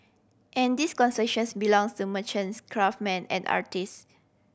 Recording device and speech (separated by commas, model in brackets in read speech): boundary microphone (BM630), read sentence